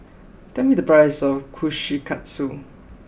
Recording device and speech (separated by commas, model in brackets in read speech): boundary microphone (BM630), read sentence